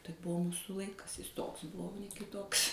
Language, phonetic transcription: Lithuanian, tai ˈbuvo ˈmūsu ˈlaikas jis ˈtoks ˈbuvo o ne kiˈtoks

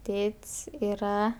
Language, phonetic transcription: Lithuanian, ˈtėt's' yˈra

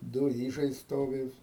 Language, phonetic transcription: Lithuanian, ˈdu ˈyžai ˈstovi

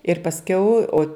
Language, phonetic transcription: Lithuanian, ir pasˈkiau o

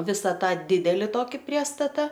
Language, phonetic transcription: Lithuanian, ˈvisa ˈtą ˈdideli ˈtoki ˈpriestata

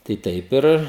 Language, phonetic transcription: Lithuanian, tai ˈtaip ir

